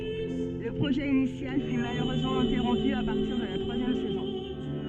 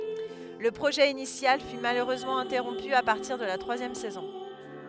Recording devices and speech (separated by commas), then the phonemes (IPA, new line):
soft in-ear microphone, headset microphone, read sentence
lə pʁoʒɛ inisjal fy maløʁøzmɑ̃ ɛ̃tɛʁɔ̃py a paʁtiʁ də la tʁwazjɛm sɛzɔ̃